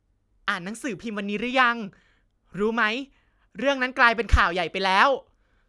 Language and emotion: Thai, happy